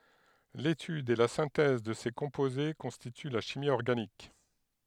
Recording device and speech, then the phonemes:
headset microphone, read sentence
letyd e la sɛ̃tɛz də se kɔ̃poze kɔ̃stity la ʃimi ɔʁɡanik

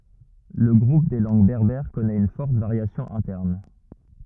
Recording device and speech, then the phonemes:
rigid in-ear microphone, read sentence
lə ɡʁup de lɑ̃ɡ bɛʁbɛʁ kɔnɛt yn fɔʁt vaʁjasjɔ̃ ɛ̃tɛʁn

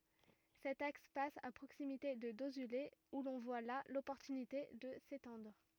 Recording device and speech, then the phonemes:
rigid in-ear microphone, read sentence
sɛt aks pas a pʁoksimite də dozyle u lɔ̃ vwa la lɔpɔʁtynite də setɑ̃dʁ

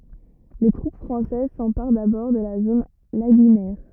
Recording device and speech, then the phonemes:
rigid in-ear microphone, read sentence
le tʁup fʁɑ̃sɛz sɑ̃paʁ dabɔʁ də la zon laɡynɛʁ

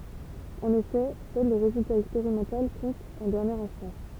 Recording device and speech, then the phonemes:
temple vibration pickup, read sentence
ɑ̃n efɛ sœl lə ʁezylta ɛkspeʁimɑ̃tal kɔ̃t ɑ̃ dɛʁnjɛʁ ɛ̃stɑ̃s

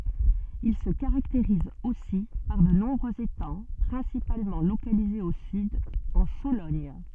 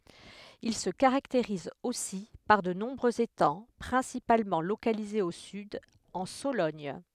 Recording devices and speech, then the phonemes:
soft in-ear microphone, headset microphone, read sentence
il sə kaʁakteʁiz osi paʁ də nɔ̃bʁøz etɑ̃ pʁɛ̃sipalmɑ̃ lokalizez o syd ɑ̃ solɔɲ

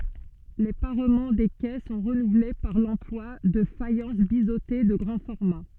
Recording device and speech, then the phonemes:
soft in-ear microphone, read sentence
le paʁmɑ̃ de kɛ sɔ̃ ʁənuvle paʁ lɑ̃plwa də fajɑ̃s bizote də ɡʁɑ̃ fɔʁma

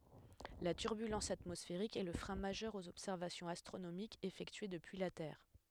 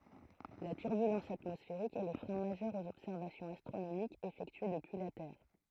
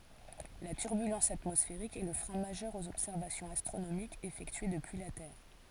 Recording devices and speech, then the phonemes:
headset microphone, throat microphone, forehead accelerometer, read sentence
la tyʁbylɑ̃s atmɔsfeʁik ɛ lə fʁɛ̃ maʒœʁ oz ɔbsɛʁvasjɔ̃z astʁonomikz efɛktye dəpyi la tɛʁ

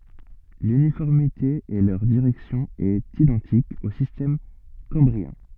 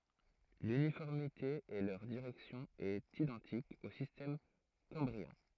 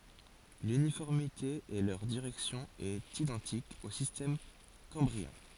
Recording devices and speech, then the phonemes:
soft in-ear microphone, throat microphone, forehead accelerometer, read sentence
lynifɔʁmite e lœʁ diʁɛksjɔ̃ ɛt idɑ̃tik o sistɛm kɑ̃bʁiɛ̃

